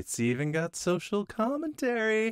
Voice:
sing-songy voice